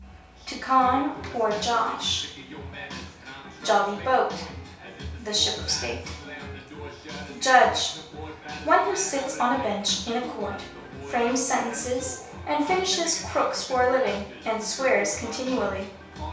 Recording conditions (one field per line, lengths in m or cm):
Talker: one person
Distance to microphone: 3.0 m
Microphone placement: far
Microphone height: 1.8 m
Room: small (3.7 m by 2.7 m)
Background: music